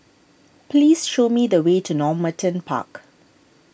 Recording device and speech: boundary microphone (BM630), read sentence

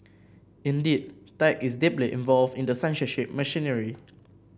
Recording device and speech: boundary microphone (BM630), read sentence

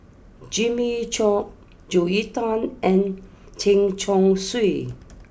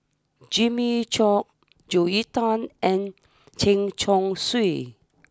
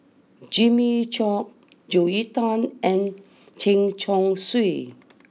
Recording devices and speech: boundary microphone (BM630), standing microphone (AKG C214), mobile phone (iPhone 6), read sentence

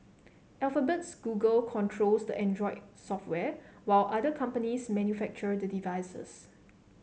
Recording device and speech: mobile phone (Samsung C7), read sentence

